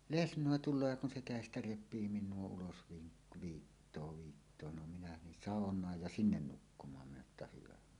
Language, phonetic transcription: Finnish, lesǹòe 'tul̆loo ja kun se "kä̀estä "rep̆pii 'min̆nuo 'ulos vii- , "viittoo 'viittoo no 'minä nin "sàoǹaaj ja "sinnen 'nukkum̀aam minä että 'hyvä .
- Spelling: lesnoi tulee ja kun se kädestä repii minua ulos - viittoo viittoo no minä niin saunaan ja sinne nukkumaan minä että hyvä

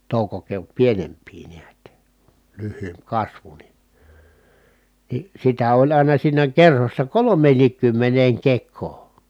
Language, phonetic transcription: Finnish, tòukokeot pienemp̀ii niät , lyhhyymp kasvu ni , ni sitä oĺ àina siinä kerhossa kolom̆meenniikkymmeneeŋ kek̆koo .
- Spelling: toukokeot pienempiä näet lyhyempi kasvu niin niin sitä oli aina siinä kerhossa kolmeenkinkymmeneen kekoon

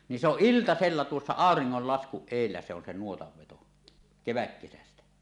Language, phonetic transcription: Finnish, ni se ‿oˀ "ˀiltasella 'tuossa "àoriŋŋollaskuˀ 'ˀèillä se ‿on se 'nuotav veto , "keväkkesästä .
- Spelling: niin se on iltasella tuossa auringonlaskun edellä se on se nuotan veto kevätkesästä

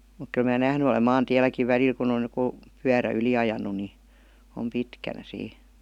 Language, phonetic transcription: Finnish, muk kyl mää "nähny olem 'maan"tiäl̆läkiv 'välil kun ‿oj j°ku , "pyärä 'yli ajanu ni , om "pitkänä sii .
- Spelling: mutta kyllä minä nähnyt olen maantielläkin välillä kun on joku pyörä yli ajanut niin on pitkänä siinä

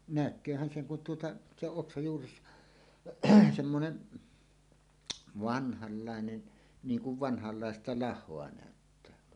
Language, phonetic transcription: Finnish, näk̆kööhän 'seŋ kun tuota , 'se ‿oˀ 'ˀoksaj juures- , semmonen , "vanhallàenen , 'niiŋ 'kuv "vanhalláesta 'lah̆hoa nä̀öttää olovan .
- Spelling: näkeehän sen kun tuota se on oksan juuressa semmoinen vanhanlainen niin kuin vanhanlaista lahoa näyttää olevan

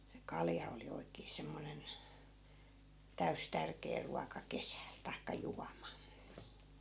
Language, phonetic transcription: Finnish, se "kalja oli 'oikee 'semmonen , 'täys 'tärkee ruaka "kesä̀l taikka "juama .
- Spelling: se kalja oli oikein semmoinen täysi tärkeä ruoka kesällä tai juoma

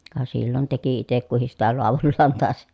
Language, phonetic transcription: Finnish, ka sillon teki itek kuhis sitä loavullaan tàes .
- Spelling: ka silloin teki itse kukin sitä laadullaan taisi

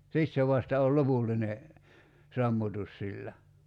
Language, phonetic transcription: Finnish, 'sit se vasta ol "lopulline , 'sammutus sillä .
- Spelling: sitten se vasta on lopullinen sammutus sillä

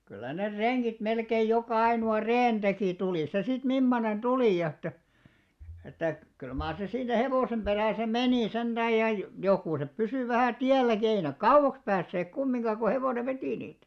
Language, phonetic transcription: Finnish, 'kyllä ner "reŋɢit melkeij 'jokà 'ainu₍a "reen ᴅekì 'tulì se 'sit 'mimmonen 'ᴅuli ʲᵃ että , että kyl maar 'se siinä 'hevòsem 'ʙerä̀sä "menì 'senᴅääj ja , 'jokùsep 'pysỳ vähä̀ "tiälläki ei nek "kauʷaks päässeek 'kummiŋka ko 'hevone "vetì niit .
- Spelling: kyllä ne rengit melkein joka ainoa reen teki tuli se sitten mimmoinen tuli ja että että kyllä mar se siinä hevosen perässä meni sentään ja jokuset pysyi vähän tielläkin ei ne kauaksi päässeet kumminkaan kun hevonen veti niitä

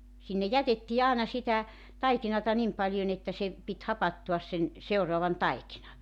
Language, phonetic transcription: Finnish, sinne "jätettii 'aana 'sitä , 'taikinata 'nim paĺjon ‿että se , pit 'hapattuas sen , 'seuroavan "taikina .
- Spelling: sinne jätettiin aina sitä taikinaa niin paljon että se piti hapantuas sen seuraavan taikinan

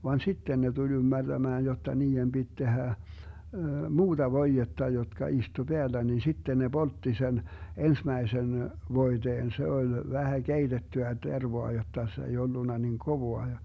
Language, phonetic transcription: Finnish, van "sitten ne tuĺ 'ymmärDämään jotta nii₍em Bit 'tehä , "muuDa 'voijetta jotka istu 'Beällä nin 'sitten ne 'Boltti sen , 'ensmäisen , 'voiteen se 'oĺ , 'vähä "keitettyä 'tervoa jotta se ei 'ollunna niŋ 'kovoa ja .
- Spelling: vaan sitten ne tuli ymmärtämään jotta niiden piti tehdä muuta voidetta jotka istui päällä niin sitten ne poltti sen ensimmäisen voiteen se oli vähän keitettyä tervaa jotta se ei ollut niin kovaa ja

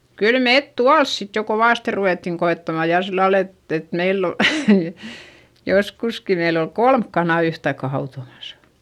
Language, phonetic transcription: Finnish, kyl mèt tuals sit jo kovàste ruvèttiŋ koettama jà sillal ‿et , et meill ‿ol , joskuski meill ‿ol kolmk kanà yhtaikka hautomasA .
- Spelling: kyllä me tuolla sitten jo kovasti ruvettiin koettamaan ja sillä lailla että että meillä oli joskuskin meillä oli kolme kanaa yhtaikaa hautomassa

